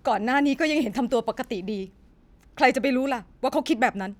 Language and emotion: Thai, frustrated